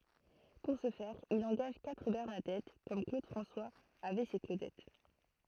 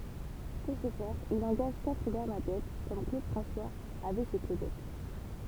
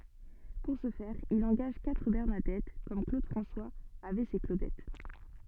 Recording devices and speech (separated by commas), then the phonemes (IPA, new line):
throat microphone, temple vibration pickup, soft in-ear microphone, read sentence
puʁ sə fɛʁ il ɑ̃ɡaʒ katʁ bɛʁnadɛt kɔm klod fʁɑ̃swaz avɛ se klodɛt